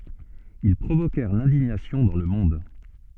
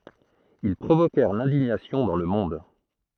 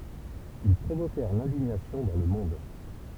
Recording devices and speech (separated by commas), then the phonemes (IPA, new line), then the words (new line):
soft in-ear microphone, throat microphone, temple vibration pickup, read sentence
il pʁovokɛʁ lɛ̃diɲasjɔ̃ dɑ̃ lə mɔ̃d
Ils provoquèrent l'indignation dans le monde.